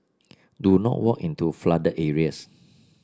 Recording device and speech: standing microphone (AKG C214), read sentence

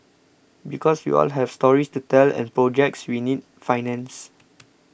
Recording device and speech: boundary microphone (BM630), read sentence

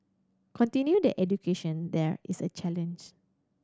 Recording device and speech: standing microphone (AKG C214), read sentence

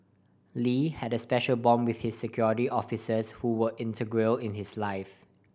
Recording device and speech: boundary microphone (BM630), read sentence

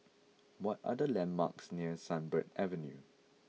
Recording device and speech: mobile phone (iPhone 6), read sentence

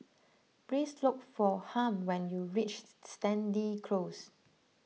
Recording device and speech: mobile phone (iPhone 6), read sentence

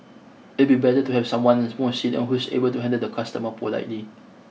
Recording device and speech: mobile phone (iPhone 6), read sentence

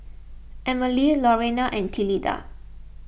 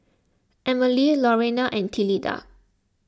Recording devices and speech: boundary microphone (BM630), close-talking microphone (WH20), read sentence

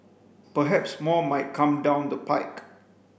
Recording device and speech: boundary microphone (BM630), read sentence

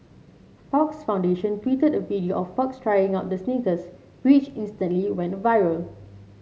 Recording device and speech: mobile phone (Samsung C7), read sentence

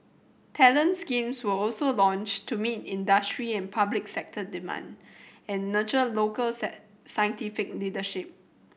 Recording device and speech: boundary microphone (BM630), read sentence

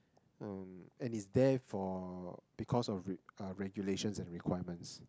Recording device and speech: close-talking microphone, conversation in the same room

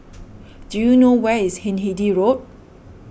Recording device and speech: boundary microphone (BM630), read sentence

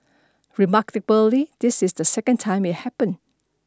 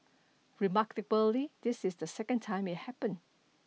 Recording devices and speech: standing microphone (AKG C214), mobile phone (iPhone 6), read sentence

